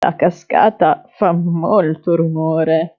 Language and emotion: Italian, fearful